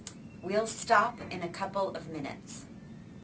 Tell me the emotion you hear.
neutral